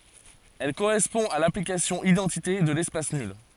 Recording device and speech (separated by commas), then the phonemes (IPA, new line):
forehead accelerometer, read sentence
ɛl koʁɛspɔ̃ a laplikasjɔ̃ idɑ̃tite də lɛspas nyl